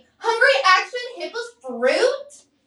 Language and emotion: English, disgusted